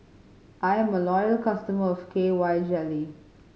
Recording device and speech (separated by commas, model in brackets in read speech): mobile phone (Samsung C5010), read sentence